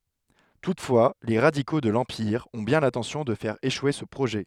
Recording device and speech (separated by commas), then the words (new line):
headset microphone, read sentence
Toutefois, les radicaux de l'Empire ont bien l'intention de faire échouer ce projet.